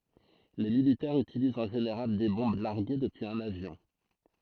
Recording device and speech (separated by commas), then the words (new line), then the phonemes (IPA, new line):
throat microphone, read sentence
Les militaires utilisent en général des bombes larguées depuis un avion.
le militɛʁz ytilizt ɑ̃ ʒeneʁal de bɔ̃b laʁɡe dəpyiz œ̃n avjɔ̃